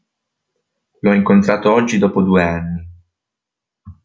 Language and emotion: Italian, neutral